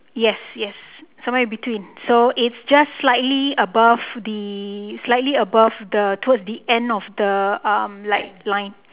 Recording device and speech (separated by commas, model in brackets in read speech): telephone, conversation in separate rooms